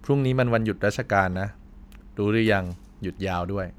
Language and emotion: Thai, neutral